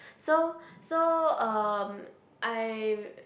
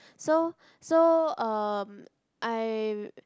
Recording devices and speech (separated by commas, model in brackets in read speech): boundary microphone, close-talking microphone, conversation in the same room